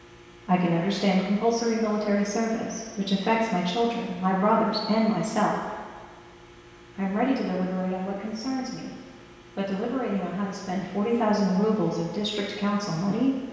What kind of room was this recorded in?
A very reverberant large room.